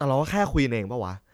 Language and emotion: Thai, frustrated